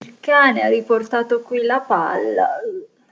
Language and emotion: Italian, disgusted